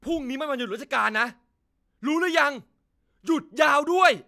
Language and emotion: Thai, angry